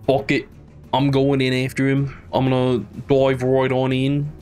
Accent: in an australian accent